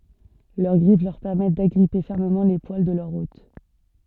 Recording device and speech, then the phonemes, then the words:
soft in-ear microphone, read sentence
lœʁ ɡʁif lœʁ pɛʁmɛt daɡʁipe fɛʁməmɑ̃ le pwal də lœʁ ot
Leur griffes leur permettent d'agripper fermement les poils de leur hôte.

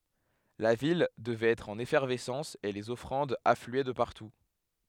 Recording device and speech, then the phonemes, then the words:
headset microphone, read sentence
la vil dəvɛt ɛtʁ ɑ̃n efɛʁvɛsɑ̃s e lez ɔfʁɑ̃dz aflyɛ də paʁtu
La ville devait être en effervescence et les offrandes affluaient de partout.

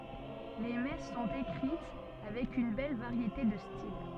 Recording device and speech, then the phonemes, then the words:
soft in-ear microphone, read sentence
le mɛs sɔ̃t ekʁit avɛk yn bɛl vaʁjete də stil
Les messes sont écrites avec une belle variété de style.

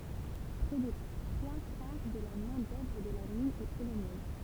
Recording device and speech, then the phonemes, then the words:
temple vibration pickup, read sentence
pʁɛ de tʁwa kaʁ də la mɛ̃ dœvʁ də la min ɛ polonɛz
Près des trois quarts de la main-d'œuvre de la mine est polonaise.

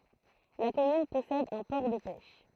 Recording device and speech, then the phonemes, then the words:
throat microphone, read sentence
la kɔmyn pɔsɛd œ̃ pɔʁ də pɛʃ
La commune possède un port de pêche.

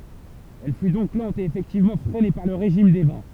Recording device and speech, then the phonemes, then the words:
temple vibration pickup, read sentence
ɛl fy dɔ̃k lɑ̃t e efɛktivmɑ̃ fʁɛne paʁ lə ʁeʒim de vɑ̃
Elle fut donc lente et effectivement freinée par le régime des vents.

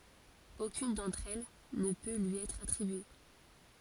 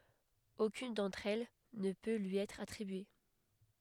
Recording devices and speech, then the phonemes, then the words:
forehead accelerometer, headset microphone, read sentence
okyn dɑ̃tʁ ɛl nə pø lyi ɛtʁ atʁibye
Aucune d’entre elles ne peut lui être attribuée.

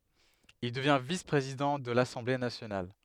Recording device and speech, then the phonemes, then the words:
headset microphone, read sentence
il dəvjɛ̃ vis pʁezidɑ̃ də lasɑ̃ble nasjonal
Il devient vice-président de l'Assemblée nationale.

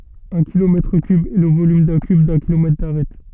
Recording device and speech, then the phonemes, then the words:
soft in-ear microphone, read sentence
œ̃ kilomɛtʁ kyb ɛ lə volym dœ̃ kyb dœ̃ kilomɛtʁ daʁɛt
Un kilomètre cube est le volume d'un cube d'un kilomètre d'arête.

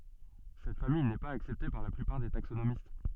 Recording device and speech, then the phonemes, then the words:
soft in-ear microphone, read sentence
sɛt famij nɛ paz aksɛpte paʁ la plypaʁ de taksonomist
Cette famille n'est pas acceptée par la plupart des taxonomistes.

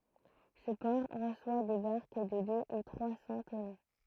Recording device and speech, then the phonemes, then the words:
throat microphone, read sentence
sə pɔʁ ʁəswa de baʁk də dø u tʁwa sɑ̃ tɔno
Ce port reçoit des barques de deux ou trois cents tonneaux.

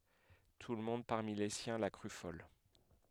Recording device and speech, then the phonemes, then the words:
headset microphone, read sentence
tulmɔ̃d paʁmi le sjɛ̃ la kʁy fɔl
Tout le monde, parmi les siens, la crut folle.

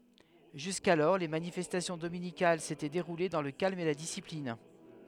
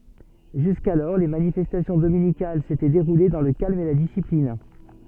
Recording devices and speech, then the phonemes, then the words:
headset microphone, soft in-ear microphone, read sentence
ʒyskalɔʁ le manifɛstasjɔ̃ dominikal setɛ deʁule dɑ̃ lə kalm e la disiplin
Jusqu'alors, les manifestations dominicales s'étaient déroulées dans le calme et la discipline.

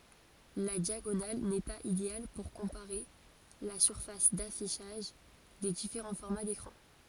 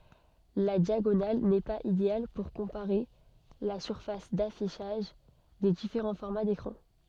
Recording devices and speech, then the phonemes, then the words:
forehead accelerometer, soft in-ear microphone, read sentence
la djaɡonal nɛ paz ideal puʁ kɔ̃paʁe la syʁfas dafiʃaʒ de difeʁɑ̃ fɔʁma dekʁɑ̃
La diagonale n'est pas idéale pour comparer la surface d'affichage des différents formats d'écrans.

